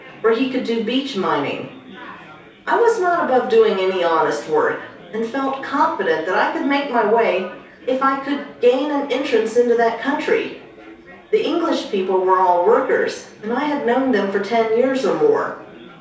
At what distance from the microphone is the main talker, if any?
3.0 m.